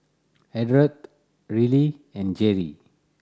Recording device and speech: standing microphone (AKG C214), read sentence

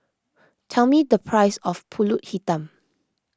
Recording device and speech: close-talking microphone (WH20), read sentence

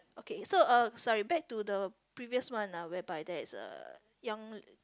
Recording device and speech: close-talking microphone, conversation in the same room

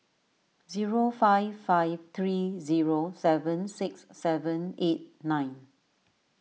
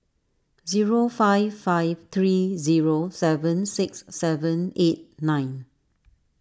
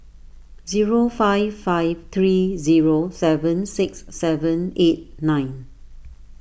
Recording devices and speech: mobile phone (iPhone 6), standing microphone (AKG C214), boundary microphone (BM630), read sentence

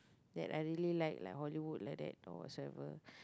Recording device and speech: close-talking microphone, conversation in the same room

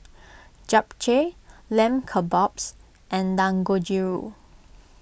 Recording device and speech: boundary microphone (BM630), read sentence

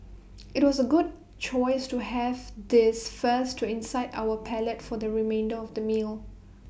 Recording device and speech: boundary microphone (BM630), read sentence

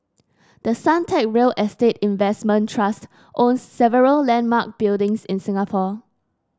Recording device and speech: standing microphone (AKG C214), read sentence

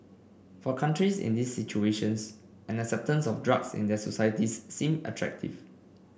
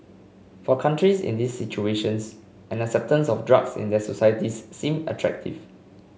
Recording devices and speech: boundary microphone (BM630), mobile phone (Samsung C5), read sentence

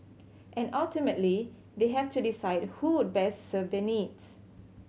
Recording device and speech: mobile phone (Samsung C7100), read sentence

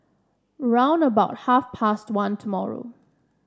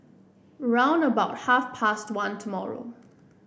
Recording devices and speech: standing microphone (AKG C214), boundary microphone (BM630), read sentence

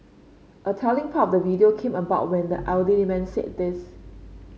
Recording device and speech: mobile phone (Samsung C5), read sentence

